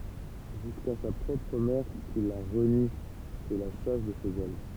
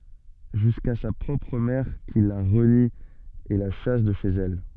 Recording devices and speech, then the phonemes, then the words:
temple vibration pickup, soft in-ear microphone, read sentence
ʒyska sa pʁɔpʁ mɛʁ ki la ʁəni e la ʃas də ʃez ɛl
Jusqu'à sa propre mère qui la renie et la chasse de chez elle.

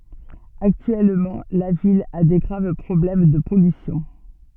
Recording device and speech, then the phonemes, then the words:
soft in-ear microphone, read sentence
aktyɛlmɑ̃ la vil a de ɡʁav pʁɔblɛm də pɔlysjɔ̃
Actuellement, la ville a des graves problèmes de pollution.

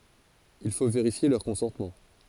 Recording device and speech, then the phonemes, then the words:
forehead accelerometer, read sentence
il fo veʁifje lœʁ kɔ̃sɑ̃tmɑ̃
Il faut vérifier leurs consentements.

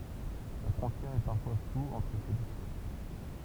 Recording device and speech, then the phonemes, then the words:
temple vibration pickup, read sentence
la fʁɔ̃tjɛʁ ɛ paʁfwa flu ɑ̃tʁ se dø klas
La frontière est parfois floue entre ces deux classes.

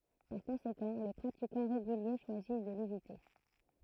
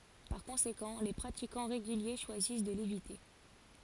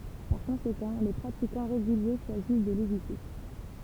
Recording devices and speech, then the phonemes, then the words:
throat microphone, forehead accelerometer, temple vibration pickup, read sentence
paʁ kɔ̃sekɑ̃ le pʁatikɑ̃ ʁeɡylje ʃwazis də levite
Par conséquent, les pratiquants réguliers choisissent de l'éviter.

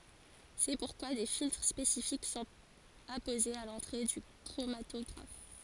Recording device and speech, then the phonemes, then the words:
forehead accelerometer, read sentence
sɛ puʁkwa de filtʁ spesifik sɔ̃t apozez a lɑ̃tʁe dy kʁomatɔɡʁaf
C'est pourquoi des filtres spécifiques sont apposés à l'entrée du chromatographe.

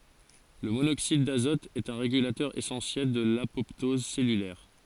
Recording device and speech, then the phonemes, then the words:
forehead accelerometer, read sentence
lə monoksid dazɔt ɛt œ̃ ʁeɡylatœʁ esɑ̃sjɛl də lapɔptɔz sɛlylɛʁ
Le monoxyde d'azote est un régulateur essentiel de l'apoptose cellulaire.

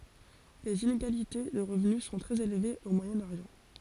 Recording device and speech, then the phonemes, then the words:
forehead accelerometer, read sentence
lez ineɡalite də ʁəvny sɔ̃ tʁɛz elvez o mwajɛ̃ oʁjɑ̃
Les inégalités de revenus sont très élevées au Moyen-Orient.

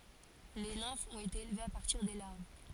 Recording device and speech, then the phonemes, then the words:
forehead accelerometer, read sentence
le nɛ̃fz ɔ̃t ete elvez a paʁtiʁ de laʁv
Les nymphes ont été élevées à partir des larves.

